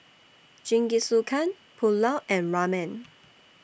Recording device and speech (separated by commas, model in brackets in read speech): boundary microphone (BM630), read sentence